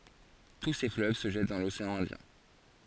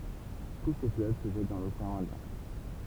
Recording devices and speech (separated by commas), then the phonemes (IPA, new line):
forehead accelerometer, temple vibration pickup, read sentence
tu se fløv sə ʒɛt dɑ̃ loseɑ̃ ɛ̃djɛ̃